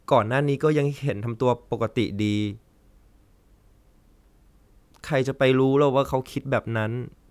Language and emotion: Thai, sad